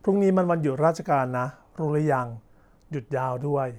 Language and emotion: Thai, neutral